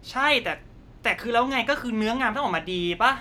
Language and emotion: Thai, frustrated